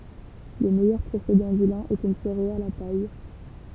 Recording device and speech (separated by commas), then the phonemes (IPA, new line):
temple vibration pickup, read sentence
lə mɛjœʁ pʁesedɑ̃ dy lɛ̃ ɛt yn seʁeal a paj